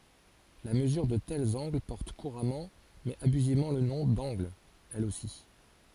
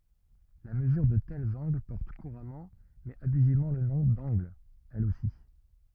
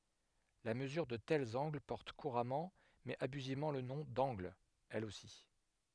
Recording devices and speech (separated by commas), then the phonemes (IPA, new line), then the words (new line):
forehead accelerometer, rigid in-ear microphone, headset microphone, read sentence
la məzyʁ də tɛlz ɑ̃ɡl pɔʁt kuʁamɑ̃ mɛz abyzivmɑ̃ lə nɔ̃ dɑ̃ɡl ɛl osi
La mesure de tels angles porte couramment mais abusivement le nom d'angle, elle aussi.